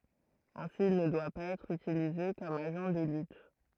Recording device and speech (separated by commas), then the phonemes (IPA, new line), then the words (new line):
throat microphone, read sentence
ɛ̃si il nə dwa paz ɛtʁ ytilize kɔm aʒɑ̃ də lyt
Ainsi, il ne doit pas être utilisé comme agent de lutte.